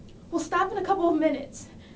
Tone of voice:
neutral